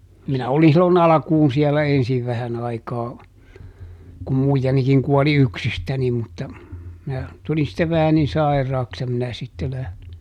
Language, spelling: Finnish, minä olin silloin alkuun siellä ensin vähän aikaa kun muijanikin kuoli yksistäni mutta minä tulin sitten vähän niin sairaaksi ja minä sitten lähdin
- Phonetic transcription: minä ˈoli silloˈn ‿alᵃkuun siɛlä "ensiv ˈvähän ‿aikaa , kum ˈmuijanikiŋ ˈkuɔli - "yksistäni mutta , minä , ˈtulin sittev vähä nin ˈsairraaks ja minä ˈsitte läh(lin) .

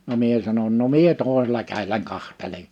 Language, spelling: Finnish, no minä sanoin no minä toisella kädelläni katselen
- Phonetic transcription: no 'mie sanon » no "mie 'tòisela käilläŋ 'kahtele(n) « .

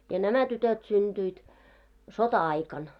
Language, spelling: Finnish, ja nämä tytöt syntyivät sota-aikana
- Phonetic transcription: ja "nämä 'tytöt synᴅyit , "sota₍'aikan .

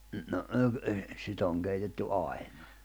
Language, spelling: Finnish, no - - sitä on keitetty aina
- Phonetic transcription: no , ('no ky-) , 'sit ‿oŋ keitetty 'ài̬ɴᴀ .

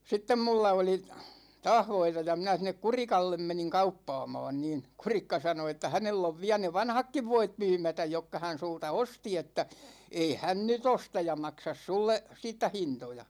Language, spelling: Finnish, sitten minulla oli taas voita ja minä sinne Kurikalle menin kauppaamaan niin Kurikka sanoi että hänellä on vielä ne vanhatkin voit myymättä jotka hän sinulta osti että ei hän nyt osta ja maksa sinulle siitä hintoja
- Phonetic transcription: 'sittem mulla oli , 'taah voita ja 'minä sin̆nek "Kurikallem 'meniŋ 'kauppaamaan niin̬ , "Kurikka 'sano että » 'hänell ‿ov 'viä ne "vanhakkiv 'voit 'mymätäj jokka hän 'sulta "osti että , 'ei 'hän 'ny"t ‿osta ja 'maksas "sulle , 'siittä 'hintoja « .

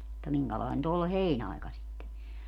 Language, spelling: Finnish, mutta minkälainen nyt olle heinäaika sitten
- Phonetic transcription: [mut]ta 'miŋkälài̮n nyt ‿olle "heinaika sitte ?

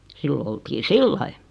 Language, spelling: Finnish, silloin oltiin sillä lailla
- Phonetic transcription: 'sillo oltii "sillai .

